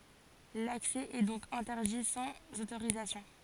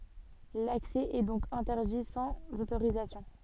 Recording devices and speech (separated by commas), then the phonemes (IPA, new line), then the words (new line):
forehead accelerometer, soft in-ear microphone, read sentence
laksɛ ɛ dɔ̃k ɛ̃tɛʁdi sɑ̃z otoʁizasjɔ̃
L’accès est donc interdit sans autorisation.